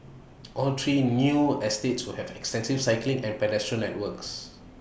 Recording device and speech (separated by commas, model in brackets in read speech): boundary microphone (BM630), read sentence